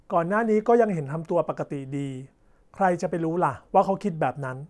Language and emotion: Thai, neutral